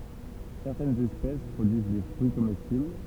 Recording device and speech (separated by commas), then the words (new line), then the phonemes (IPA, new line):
temple vibration pickup, read sentence
Certaines espèces produisent des fruits comestibles.
sɛʁtɛnz ɛspɛs pʁodyiz de fʁyi komɛstibl